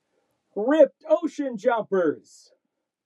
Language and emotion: English, happy